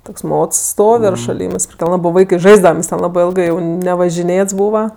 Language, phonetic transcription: Lithuanian, ˈtoks ˈmots ˈstov' ir šaˈlymɜs prikl ˈlabɜ ˈvaikɜ ˈžaisdavam nes ten ˈlabɜ ˈilgɜ jau nevažiˈnėts ˈbūva

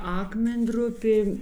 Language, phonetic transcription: Lithuanian, ˈakmen'ˌdrupė

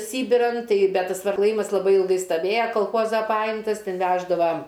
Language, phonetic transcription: Lithuanian, ˈsybiran ˈtai bet tas klaˈjymas laˈbai ilˈgai staˈvėja kalˈchoza ˈpajimtas ˈten ˈveždava

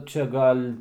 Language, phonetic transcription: Lithuanian, ˈčia ˈgal'

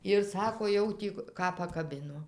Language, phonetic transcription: Lithuanian, ir ˈsako ˈjau tį ˈką pakaˈbino

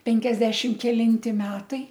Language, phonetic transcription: Lithuanian, ˈpenkiasdešim kelinˈti ˈmetai

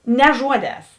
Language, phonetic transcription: Lithuanian, ne ˈžuoˌdēs

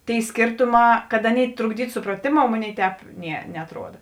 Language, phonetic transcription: Lithuanian, tėi ˈskėrtuˌmā kad ˈaˌnėi trukˈdytu supraˈtėmou ˈmoˌnėi ˈtēp ˈnie neatˈruoda

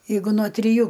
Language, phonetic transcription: Lithuanian, jeiˈgu no triˈjų

